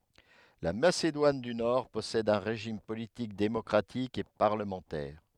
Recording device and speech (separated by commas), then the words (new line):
headset microphone, read sentence
La Macédoine du Nord possède un régime politique démocratique et parlementaire.